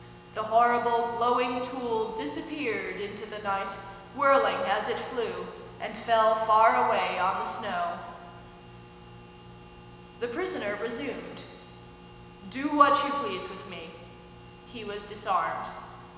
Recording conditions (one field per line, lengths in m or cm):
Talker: one person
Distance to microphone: 1.7 m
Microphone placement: close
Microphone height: 1.0 m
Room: very reverberant, large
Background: none